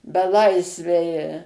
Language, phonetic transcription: Lithuanian, beˈlaisviai

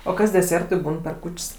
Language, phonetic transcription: Lithuanian, o ˈkas deˈsėrtui ˈbūn per ˈkūč's'

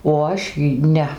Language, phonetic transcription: Lithuanian, o ˈaš į ˈne

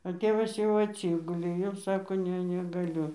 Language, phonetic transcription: Lithuanian, a ˈtėvas jau atˈsigulė jau ˈsako ˈne negaˈliu

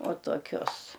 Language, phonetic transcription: Lithuanian, uo toˈkius

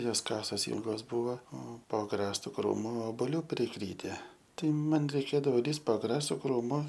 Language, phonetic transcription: Lithuanian, ˈjos ˈkasos ˈylgos ˈbuvo o po agˈrastu ˈkrūmu oboˈlių priˈkryte ˈtai ˈman reiˈkėdavo ˈlįst po agˈrastu ˈkrūmu

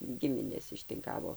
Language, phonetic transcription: Lithuanian, ˈgiminės ištinˈkavo

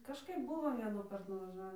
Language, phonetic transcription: Lithuanian, kažˈkaip ˈbuvo vienųˈkart nuvaˈžavį

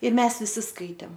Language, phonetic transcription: Lithuanian, ˈir ˈmes viˈsi ˈskaitėm

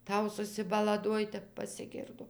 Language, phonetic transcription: Lithuanian, ˈtau susibalaˈduoj ˈtep pasiˈgirdo

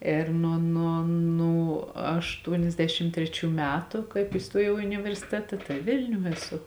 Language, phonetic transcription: Lithuanian, ėr ˈnuo ˈnuo ˈnū ašˈtuoniasˌdešim ˈtreˌčių ˈmetu ˈkaip įˈstuojau i universiˈteta ˈtai ˈvilniū eˈsu

